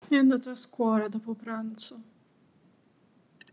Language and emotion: Italian, sad